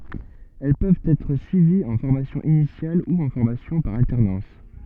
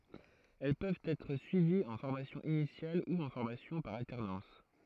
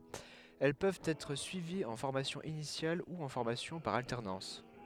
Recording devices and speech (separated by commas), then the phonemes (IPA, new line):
soft in-ear microphone, throat microphone, headset microphone, read sentence
ɛl pøvt ɛtʁ syiviz ɑ̃ fɔʁmasjɔ̃ inisjal u ɑ̃ fɔʁmasjɔ̃ paʁ altɛʁnɑ̃s